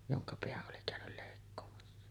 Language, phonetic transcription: Finnish, joŋka 'peäˀ ˀoli kä̀önyl lèikkoomassa .
- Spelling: jonka pään oli käynyt leikkaamassa

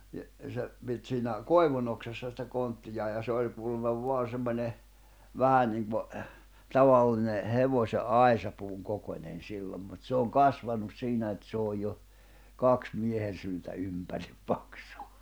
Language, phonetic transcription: Finnish, ni , 'se , pit siinä , "koi̬vunoksassa sⁱtä 'konttijaa ja 'se oĺ kuulemma 'voan̬ semmońe , "vähä niŋko , "tavalline , 'hevośe’ "’ài̬sapuuŋ kokońen 'sillom mut 'se oŋ "kasvanus 'siinä et s ‿ooj jo , "kaks 'miehen̬ syltä 'ympärip 'paksᴜ .
- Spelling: niin se piti siinä koivunoksassa sitä konttiaan ja se oli kuulemma vain semmoinen vähän niin kuin tavallinen hevosen aisapuun kokoinen silloin mutta se on kasvanut siinä että se on jo kaksi miehen syltä ympäri paksu

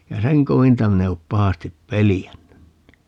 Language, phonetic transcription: Finnish, ja "seŋ 'kovinta 'min ‿e op 'pahastip "pelijännyn ni .
- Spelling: ja sen kovinta minä en ole pahasti pelännyt niin

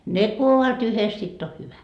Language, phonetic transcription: Finnish, "ne ku ovat yhes 'sitt ‿o 'hyvä .
- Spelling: ne kun ovat yhdessä sitten on hyvä

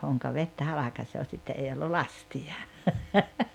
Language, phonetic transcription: Finnish, » 'hoŋka 'vettä 'halakasoo « 'sitte 'ei ollu "lasti₍a .
- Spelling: honka vettä halkaisee sitten ei ollut lastia

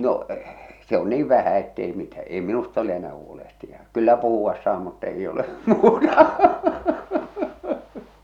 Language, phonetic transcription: Finnish, 'no , se ‿on 'niiv 'vähä ettei mitä , "ei 'minust ‿ole enää 'huolehtija , "kyllä 'puhu₍as saa mutt ‿ei ole , 'muuta .
- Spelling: no se on niin vähän että ei mitä ei minusta ole enää huolehtija kyllä puhua saa mutta ei ole muuta

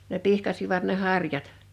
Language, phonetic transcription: Finnish, ne 'pihkasivat ne 'harjat .
- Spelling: ne pihkasivat ne harjat

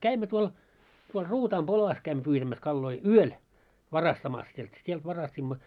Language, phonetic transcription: Finnish, 'käimmö tuol , tuol 'Ruutaam "polas käimmö pyytämäs 'kalloi , "yöl , 'varastamas sielt , sielt 'varast́imma .
- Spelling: kävimme tuolla tuolla Ruutaan polassa kävimme pyytämässä kaloja yöllä varastamassa sieltä sieltä varastimme

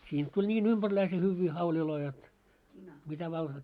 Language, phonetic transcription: Finnish, siint tuĺ 'ńiin ‿umʙärläise 'hyvvii 'hauliloi jot , mitä vaa .
- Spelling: siitä tuli niin ympärläisen hyviä hauleja jotta mitä vain

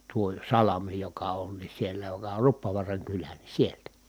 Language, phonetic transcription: Finnish, tuo salami joka on ni sielä joka or Ruppovuaraŋ kylä ni sieltä .
- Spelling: tuo salmi joka on niin siellä joka on Ruppovaaran kylä niin sieltä

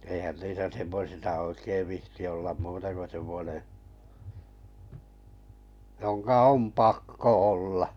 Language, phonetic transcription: Finnish, 'eihän 'niisä 'semmosisa oikeiv 'vihti ollam 'muuta ko sem̆mᵒne , joŋka 'om "pakko 'olla .
- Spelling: eihän niissä semmoisissa oikein viitsi olla muuta kuin semmoinen jonka on pakko olla

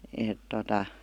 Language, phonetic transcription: Finnish, 'èt tota ,.
- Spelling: että tuota

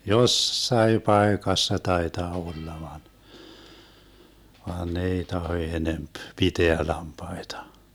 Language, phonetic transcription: Finnish, "jossai 'paekassa 'taetaa 'olla van , vaan 'ne ei 'taho 'enemp , "piteä 'lampaita .
- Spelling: jossakin paikassa taitaa olla vaan vaan ne ei tahdo enempi pitää lampaita

